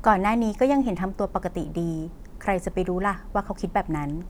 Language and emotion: Thai, neutral